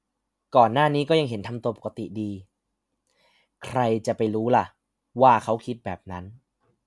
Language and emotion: Thai, frustrated